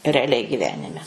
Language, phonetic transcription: Lithuanian, reaˈliai giˈvenime

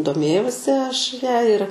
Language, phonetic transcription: Lithuanian, doˈmėjausi ˈaš ˈja ir

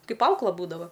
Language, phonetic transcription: Lithuanian, ˈkaip ˈaukla ˈbūdava

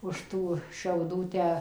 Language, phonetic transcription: Lithuanian, už ˈtų šiauˈdų ˈtę

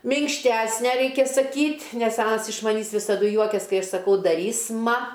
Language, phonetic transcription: Lithuanian, minkšˈtæsne ˈreikia saˈkyt' nes ˈanas iš maˈnys visaˈdu ˈjuokias ˈkai ˈaš saˈkau daˈrys'ma

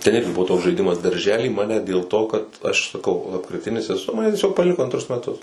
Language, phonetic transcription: Lithuanian, ten ˈirgi ˈbuvo toks žaiˈdimas darˈžely ˈmane dėl to kad aš saˈkau lapkriˈtinis eˈsu ˈmane tieˈsiog paˈliko anˈtrus meˈtus

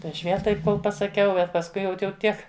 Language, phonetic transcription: Lithuanian, tai aš ˈviel ˈtaip ˈkol pasaˈkiau bet pasˈkui ˈjaut jau ˈtiek

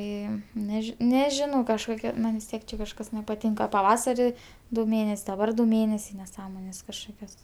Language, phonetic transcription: Lithuanian, ˈėjom neˈži neˈžinau kažˈkokia ˈman' vis ˈtiek čia kažˈkas nepaˈtinka paˈvasari du ˈmėnes' daˈbar du ˈmėnesiai neˈsąmonės kažˈkokios

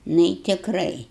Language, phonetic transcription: Lithuanian, ˈnu i tikˈrai

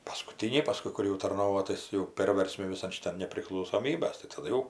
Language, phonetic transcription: Lithuanian, paskuˈtyniai paˈskui kur jau tarˈnovo ˈtais jau ˈpėrversmi viˈsan šiˈtan nepriklausoˈmybas tai taˈdu jau

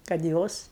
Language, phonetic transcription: Lithuanian, kad ˈjos

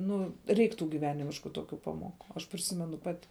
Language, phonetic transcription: Lithuanian, ˈnu ˈreik ˈtų gyˈvenimišku ˈtokiu ˈpaˌmoˌku aš priˈsimenu ˈpati

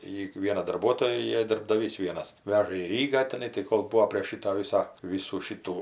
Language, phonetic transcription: Lithuanian, ˈjy ˈviena darˈbuotoja i darbdaˈvys ˈvienas ˈveža į ˈrygą teˈnai tai ˈkol ˈbūo prėš ˈšyta ˈvysa ˈvysų ˈšytų

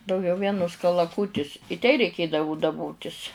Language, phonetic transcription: Lithuanian, dauˈgiau ˈvienus kalaˈkūtis i tei reiˈkėdavu daˈbotis'

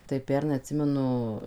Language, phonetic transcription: Lithuanian, tai ˈpernai atˈsimenu

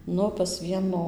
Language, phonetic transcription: Lithuanian, ˈnu pas ˈvieno

